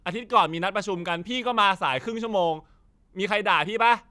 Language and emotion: Thai, frustrated